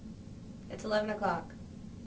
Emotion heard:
neutral